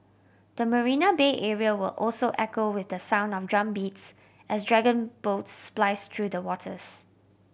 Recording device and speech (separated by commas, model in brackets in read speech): boundary microphone (BM630), read sentence